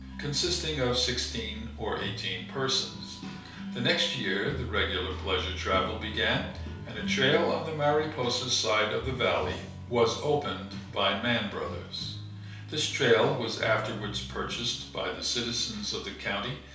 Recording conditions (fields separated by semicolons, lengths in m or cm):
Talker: one person; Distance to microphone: 3.0 m; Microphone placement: far; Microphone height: 1.8 m; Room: small (3.7 m by 2.7 m); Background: music